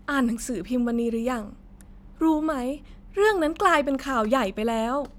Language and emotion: Thai, happy